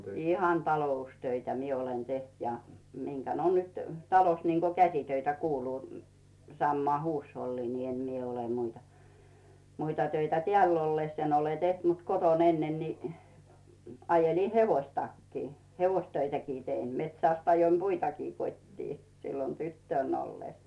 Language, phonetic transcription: Finnish, 'ihan "taloustöitä mie olen 'teht ja , 'miŋkän oon nyt , 'talos niŋko "käsitöitä 'kuuluu , 'sammaa huushollii ni 'em mie ole 'muita , 'muita töitä "teä̀ll ‿'olles en ‿ole 'teht mut "koton 'ennen ni , 'ajelì "hevoistakkii , "hevoistöitäkii 'tein , 'metsä̀st ajoim "puitakii 'kot́tii , sillon 'tyttö̀n ‿olles .
- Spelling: ihan taloustöitä minä olen tehnyt ja minkä olen nyt talossa niin kuin käsitöitä kuuluu samaan huusholliin niin en minä ole muita muita töitä täällä ollessa en ole tehnyt mutta kotona ennen niin ajelin hevostakin hevostöitäkin tein metsästä ajoin puitakin kotiin silloin tyttönä ollessa

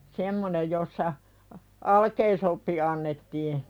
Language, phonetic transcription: Finnish, 'semmonej jossa , a- , "alkeisoppi annettii .
- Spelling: semmoinen jossa - alkeisoppi annettiin

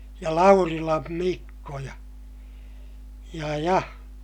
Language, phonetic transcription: Finnish, ja Laurilam Mikko ja , ja ja ,.
- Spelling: ja Laurilan Mikko ja ja ja

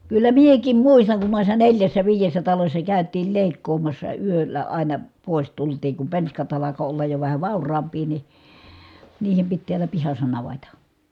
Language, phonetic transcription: Finnish, kyllä miek̀im muistaŋ kun nòissa neljässä viijessä talośsa kä̀yt̆tiil lèikkoomassa yöllä àina , pòis tultiiŋ kum penskat alako ollaj jo vähä vàur̀aamp̀ii ni , niihem pit tiälä pihas̀a naveta .
- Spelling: kyllä minäkin muistan kun noissa neljässä viidessä talossa käytiin leikkaamassa yöllä aina pois tultiin kun penskat alkoi olla jo vähän vauraampia niin niiden piti täällä pihassa navetta

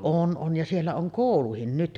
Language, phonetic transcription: Finnish, 'on ’on ja 'siellä oŋ "kòuluhin nyt .
- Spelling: on on ja siellä on koulukin nyt

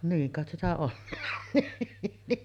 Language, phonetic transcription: Finnish, niiŋ kàet sitä ollaᴀɴ nii .
- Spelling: niin kai sitä ollaan niin

